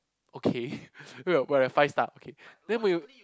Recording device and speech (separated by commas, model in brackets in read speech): close-talking microphone, conversation in the same room